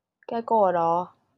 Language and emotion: Thai, frustrated